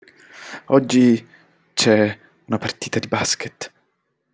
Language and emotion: Italian, fearful